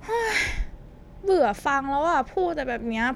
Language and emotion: Thai, frustrated